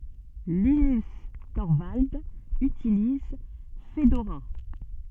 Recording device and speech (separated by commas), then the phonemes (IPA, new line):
soft in-ear microphone, read sentence
linys tɔʁvaldz ytiliz fədoʁa